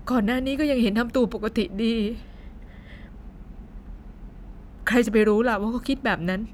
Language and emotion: Thai, sad